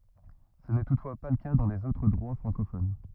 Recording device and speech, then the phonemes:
rigid in-ear microphone, read sentence
sə nɛ tutfwa pa lə ka dɑ̃ lez otʁ dʁwa fʁɑ̃kofon

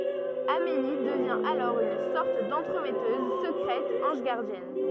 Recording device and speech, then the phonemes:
rigid in-ear microphone, read sentence
ameli dəvjɛ̃ alɔʁ yn sɔʁt dɑ̃tʁəmɛtøz səkʁɛt ɑ̃ʒ ɡaʁdjɛn

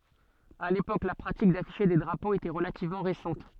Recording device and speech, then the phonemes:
soft in-ear microphone, read sentence
a lepok la pʁatik dafiʃe de dʁapoz etɛ ʁəlativmɑ̃ ʁesɑ̃t

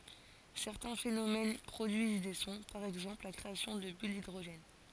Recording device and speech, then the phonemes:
forehead accelerometer, read sentence
sɛʁtɛ̃ fenomɛn pʁodyiz de sɔ̃ paʁ ɛɡzɑ̃pl la kʁeasjɔ̃ də byl didʁoʒɛn

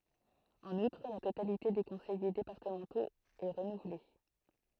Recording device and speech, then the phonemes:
throat microphone, read sentence
ɑ̃n utʁ la totalite de kɔ̃sɛje depaʁtəmɑ̃toz ɛ ʁənuvle

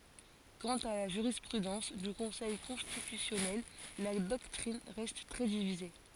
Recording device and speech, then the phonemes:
forehead accelerometer, read sentence
kɑ̃t a la ʒyʁispʁydɑ̃s dy kɔ̃sɛj kɔ̃stitysjɔnɛl la dɔktʁin ʁɛst tʁɛ divize

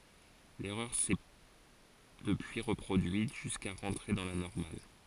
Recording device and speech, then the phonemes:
forehead accelerometer, read sentence
lɛʁœʁ sɛ dəpyi ʁəpʁodyit ʒyska ʁɑ̃tʁe dɑ̃ la nɔʁmal

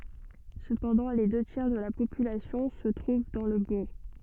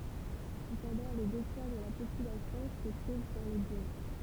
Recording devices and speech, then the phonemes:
soft in-ear microphone, temple vibration pickup, read sentence
səpɑ̃dɑ̃ le dø tjɛʁ də la popylasjɔ̃ sə tʁuv dɑ̃ lə buʁ

